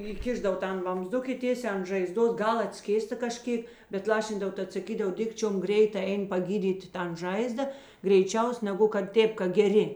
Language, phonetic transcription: Lithuanian, įˈkišdav ˈtan vamzˈduk i ˈtėsiā an žaiˈzdos ˈgal atˈskėsta kaˈžkėk bet ˈlašindav ˈtat saˈkydav ˈdikčiom ˈgreita ˈein paˈgydyti ˈtan ˈžaizda greiˈčiaus neˈgu kad ˈtėp ka geˈri

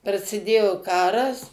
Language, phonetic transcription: Lithuanian, prasiˈdėjo ˈkaras

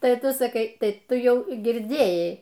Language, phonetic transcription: Lithuanian, ˈtai ˈtu saˈkai ˈtai ˈtu ˈjau girˈdėjai

